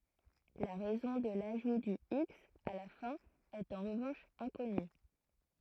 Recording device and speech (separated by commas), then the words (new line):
throat microphone, read sentence
La raison de l'ajout du x à la fin est en revanche inconnue.